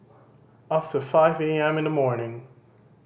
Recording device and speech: boundary microphone (BM630), read sentence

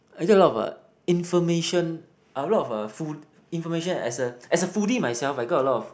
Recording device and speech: boundary microphone, conversation in the same room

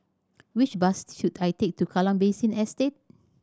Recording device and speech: standing microphone (AKG C214), read sentence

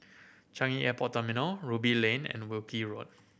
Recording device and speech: boundary microphone (BM630), read sentence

